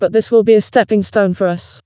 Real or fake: fake